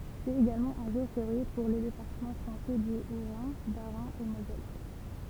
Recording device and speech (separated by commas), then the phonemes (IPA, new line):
temple vibration pickup, read sentence
sɛt eɡalmɑ̃ œ̃ ʒuʁ feʁje puʁ le depaʁtəmɑ̃ fʁɑ̃sɛ dy otʁɛ̃ basʁɛ̃ e mozɛl